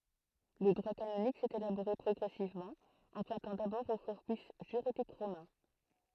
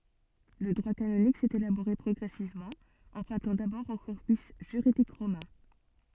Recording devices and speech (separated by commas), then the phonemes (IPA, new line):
throat microphone, soft in-ear microphone, read sentence
lə dʁwa kanonik sɛt elaboʁe pʁɔɡʁɛsivmɑ̃ ɑ̃pʁœ̃tɑ̃ dabɔʁ o kɔʁpys ʒyʁidik ʁomɛ̃